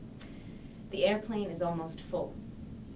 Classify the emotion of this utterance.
neutral